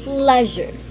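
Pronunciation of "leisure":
'Leisure' is said with the American pronunciation.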